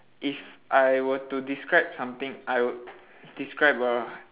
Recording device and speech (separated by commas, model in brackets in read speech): telephone, conversation in separate rooms